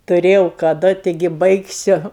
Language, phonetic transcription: Lithuanian, tuˈrėjau kaˈdu ˈtigi ˈbaigsiu

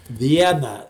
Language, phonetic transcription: Lithuanian, ˈvieną

